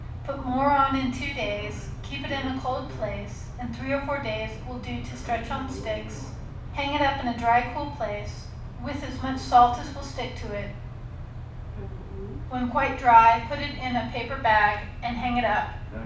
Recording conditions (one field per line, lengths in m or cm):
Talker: one person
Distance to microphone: 5.8 m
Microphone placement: far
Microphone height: 1.8 m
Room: medium-sized (5.7 m by 4.0 m)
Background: television